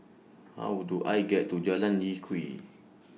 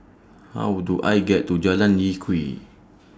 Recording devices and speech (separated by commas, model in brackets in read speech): mobile phone (iPhone 6), standing microphone (AKG C214), read sentence